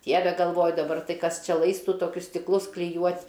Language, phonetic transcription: Lithuanian, ˈdieve galˈvoju daˈbar ˈtai ˈkas ˈčia ˈlaistu toˈkius stikˈlus kliˈjuot'

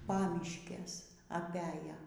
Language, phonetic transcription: Lithuanian, ˈpamiškes aˈpæja

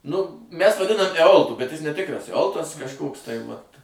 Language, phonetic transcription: Lithuanian, nu ˈmæs vaˈdinam eˈoltu bet ˈjis neˈtikras eˈoltas kažˈkoks tai vat

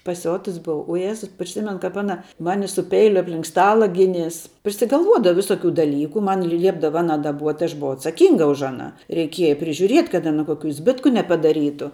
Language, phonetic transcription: Lithuanian, paˈsiotus ˈbuva u ˈjezu priˈsimen ˈkap ˈana ˈmani su ˈpeiliu apˈlink ˈstala ˈginės prisigalˈvuodava ˈvisokiu daˈlyku ˈman ˈliepdava ˈana daˈbuot' aš buˈvau atsaˈkynga už aˈną reiˈkieja prižiuˈriet' kad aˈna ˈkokių ˈzbitku nepadaˈrytu

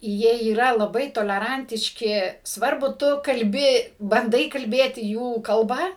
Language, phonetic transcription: Lithuanian, ˈjie yˈra laˈbai toleˈrantiški ˈsvarbu ˈtu kalˈbi banˈdai kalˈbėti ˈjų kalˈba

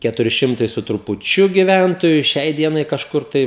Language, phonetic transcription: Lithuanian, ˈketuri ˈšimtai su trupuˈčiu giˈvæntoju ˈšiai ˈdienai kažˈkur tai

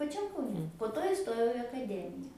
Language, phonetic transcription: Lithuanian, paˈčiam kauˈne po ˈto iˈstojau i akaˈdemija

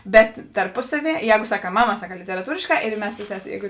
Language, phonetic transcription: Lithuanian, bet tarˈpusaˌvie ˈjēgu saˈkā ˈmaˌmā saˈkā literaˈtūrėšˌkā ir ˈmes su ˈseˌsė ˈjēgu

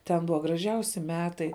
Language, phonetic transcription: Lithuanian, ten ˈbuva graˈžiausi ˈmetai

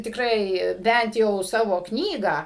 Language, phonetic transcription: Lithuanian, tikˈrai ˈbænt jau ˈsavo ˈknygą

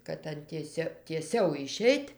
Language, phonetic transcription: Lithuanian, kad ˈan tieˈsio tieˈsiau iˈšeit'

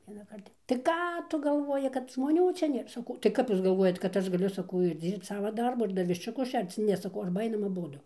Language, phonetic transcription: Lithuanian, vienaˈkart jau tai ˈką ˈtu galˈvoji kad žmoˈnių ˈčia ˈnėr saˈkau tai ˈkap ˈjūs galˈvuojat kad ˈaš gaˈliu saˈkau ir ˈdzyrbc ˈsavaˈdarbu ir ˈdar viščiuˈkus ˈšerc ˈne saˈkau ˈarba ˈainam aˈbudu

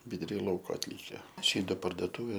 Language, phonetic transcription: Lithuanian, viduˈry ˈlauko atˈlyke ˈči do pardoˈtūvė

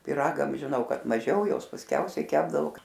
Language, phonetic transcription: Lithuanian, piˈragam žiˈnau kad maˈžiau ˈjos pasˈkiausiai ˈkepdavo

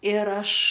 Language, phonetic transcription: Lithuanian, ir ˈaš

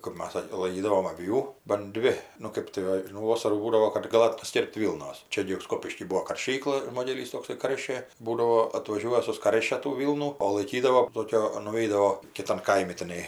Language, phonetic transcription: Lithuanian, kɜp ˈmas ˈsak' laiˈkydavom aˈvių ban ˈdvi nu ˈkɜp tai ˈva nu ˈvosarų ˈbūdavo kad gaˈlat paˈskirpt ˈvylnos ˈčia gi ir ˈskopišky ˈbuo karˈšykla ˈmodelys tokˈsai ˈkaršė ˈbūdavo atvaˈžiuoja suˈskaršia tų ˈvylnų o laiˈkydavo ˈtokio nuˈveidavo kiˈtan ˈkaimi tiˈnai

